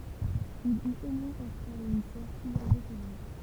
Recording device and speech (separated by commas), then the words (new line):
temple vibration pickup, read sentence
Il eut au moins un frère et une sœur plus âgés que lui.